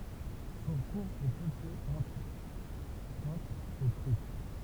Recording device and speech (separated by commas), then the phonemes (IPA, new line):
temple vibration pickup, read sentence
sɔ̃ kuʁz ɛ pøple ɑ̃tʁ otʁ də tʁyit